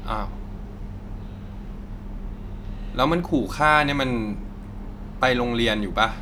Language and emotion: Thai, frustrated